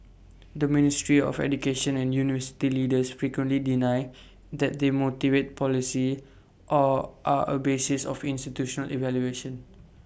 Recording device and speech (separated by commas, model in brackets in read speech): boundary microphone (BM630), read sentence